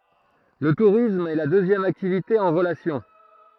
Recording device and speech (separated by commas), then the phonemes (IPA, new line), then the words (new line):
throat microphone, read sentence
lə tuʁism ɛ la døzjɛm aktivite ɑ̃ ʁəlasjɔ̃
Le tourisme est la deuxième activité en relation.